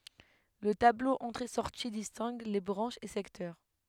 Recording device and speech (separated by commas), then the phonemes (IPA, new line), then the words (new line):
headset microphone, read sentence
lə tablo ɑ̃tʁeɛsɔʁti distɛ̃ɡ le bʁɑ̃ʃz e sɛktœʁ
Le tableau entrées-sorties distingue les branches et secteurs.